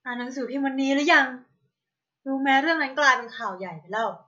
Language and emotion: Thai, frustrated